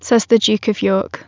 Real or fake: real